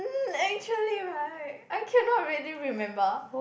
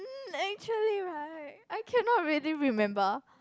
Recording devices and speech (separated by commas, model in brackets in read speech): boundary microphone, close-talking microphone, conversation in the same room